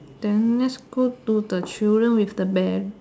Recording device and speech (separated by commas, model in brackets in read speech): standing microphone, conversation in separate rooms